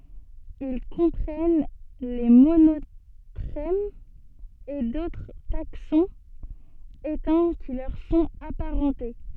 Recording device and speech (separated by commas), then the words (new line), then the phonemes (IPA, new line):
soft in-ear microphone, read sentence
Ils comprennent les monotrèmes et d'autres taxons éteints qui leur sont aparentées.
il kɔ̃pʁɛn le monotʁɛmz e dotʁ taksɔ̃z etɛ̃ ki lœʁ sɔ̃t apaʁɑ̃te